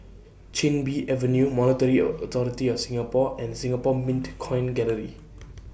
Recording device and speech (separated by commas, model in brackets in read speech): boundary microphone (BM630), read sentence